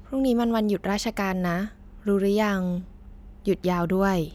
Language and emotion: Thai, neutral